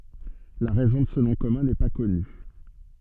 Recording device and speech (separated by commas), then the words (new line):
soft in-ear microphone, read sentence
La raison de ce nom commun n’est pas connue.